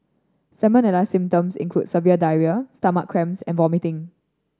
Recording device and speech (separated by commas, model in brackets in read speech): standing microphone (AKG C214), read sentence